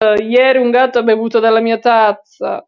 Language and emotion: Italian, disgusted